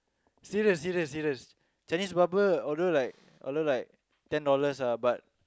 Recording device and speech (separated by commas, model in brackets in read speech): close-talking microphone, conversation in the same room